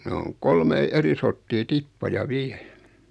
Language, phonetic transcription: Finnish, 'ne oŋ , "kolmei 'eri sorttii "tippaja 'viɛ .
- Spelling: ne on kolmea eri sorttia tippoja vielä

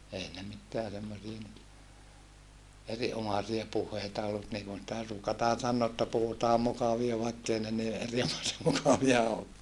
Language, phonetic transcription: Finnish, ei ne mitteä semmosia nyt , eriʼʼomasia puh̀eita ollu mut niikum sⁱtä ruukataan sannoo otta puhutaam mukavia vaikkei ne ni eri(omasem mukavia ookkaa .
- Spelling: ei ne mitään semmoisia nyt erinomaisia puheita ollut mutta niin kuin sitä ruukataan sanoa jotta puhutaan mukavia vaikka ei ne niin erinomaisen mukavia olekaan

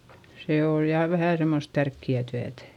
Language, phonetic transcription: Finnish, see ooj jà vähä semmost tärkki₍ä̀ tyätÄ .
- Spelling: se on ja vähän semmoista tärkeää työtä

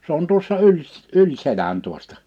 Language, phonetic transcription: Finnish, 's ‿on tuossa 'yl s- , 'yĺ 'selän 'tuostᴀ .
- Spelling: se on tuossa yli - yli selän tuosta

